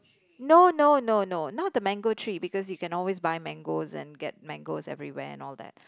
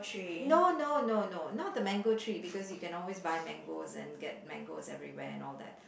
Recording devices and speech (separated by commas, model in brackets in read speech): close-talking microphone, boundary microphone, conversation in the same room